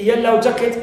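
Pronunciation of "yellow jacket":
'Yellow jacket' is said as a one-word compound noun, with the stress on the first element, 'yellow'.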